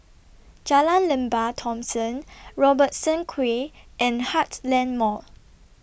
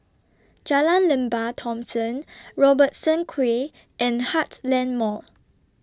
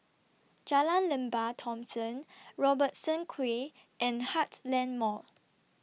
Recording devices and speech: boundary microphone (BM630), standing microphone (AKG C214), mobile phone (iPhone 6), read sentence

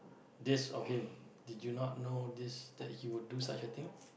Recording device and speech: boundary microphone, conversation in the same room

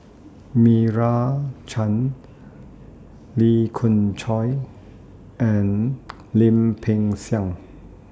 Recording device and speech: standing microphone (AKG C214), read sentence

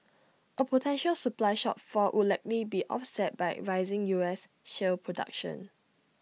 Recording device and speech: mobile phone (iPhone 6), read sentence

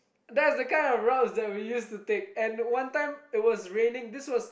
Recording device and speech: boundary microphone, conversation in the same room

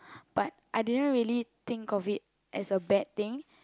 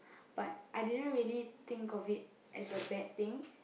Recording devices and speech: close-talking microphone, boundary microphone, conversation in the same room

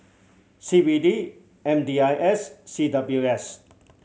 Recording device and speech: mobile phone (Samsung C7100), read sentence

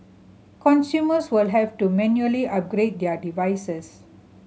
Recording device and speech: mobile phone (Samsung C7100), read sentence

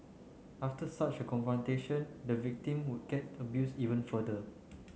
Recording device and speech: mobile phone (Samsung C9), read sentence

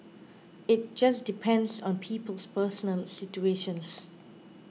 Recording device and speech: mobile phone (iPhone 6), read sentence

